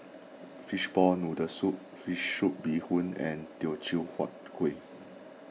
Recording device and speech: mobile phone (iPhone 6), read sentence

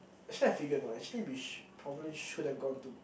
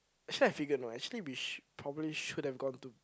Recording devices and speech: boundary microphone, close-talking microphone, conversation in the same room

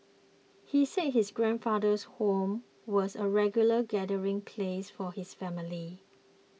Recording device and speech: mobile phone (iPhone 6), read sentence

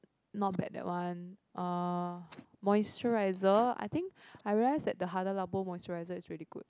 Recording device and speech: close-talking microphone, conversation in the same room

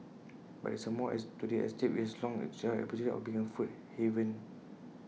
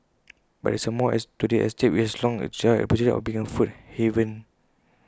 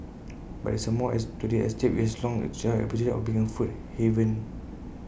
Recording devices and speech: mobile phone (iPhone 6), close-talking microphone (WH20), boundary microphone (BM630), read sentence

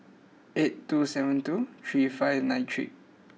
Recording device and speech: mobile phone (iPhone 6), read sentence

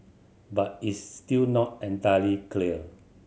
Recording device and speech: mobile phone (Samsung C7100), read sentence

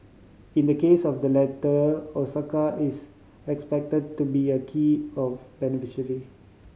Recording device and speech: mobile phone (Samsung C5010), read sentence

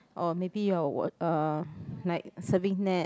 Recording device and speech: close-talking microphone, conversation in the same room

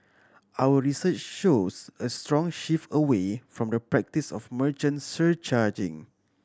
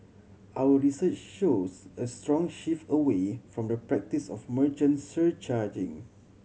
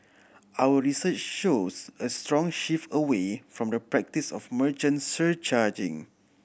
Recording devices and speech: standing microphone (AKG C214), mobile phone (Samsung C7100), boundary microphone (BM630), read sentence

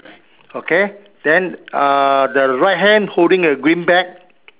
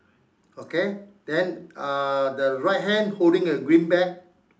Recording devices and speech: telephone, standing microphone, conversation in separate rooms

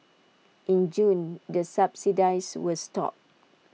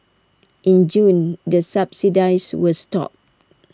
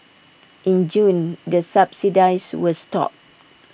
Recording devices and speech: mobile phone (iPhone 6), standing microphone (AKG C214), boundary microphone (BM630), read sentence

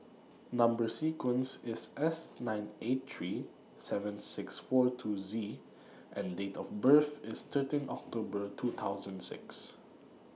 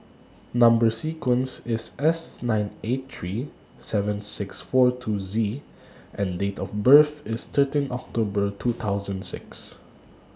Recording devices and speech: mobile phone (iPhone 6), standing microphone (AKG C214), read sentence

